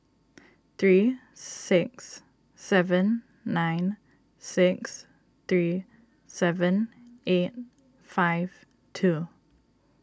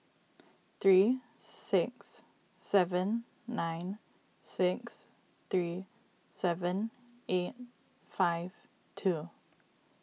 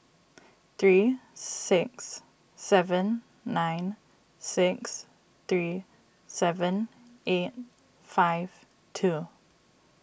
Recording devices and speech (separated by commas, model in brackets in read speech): standing microphone (AKG C214), mobile phone (iPhone 6), boundary microphone (BM630), read sentence